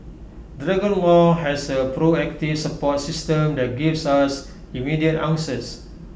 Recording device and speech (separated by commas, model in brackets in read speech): boundary microphone (BM630), read sentence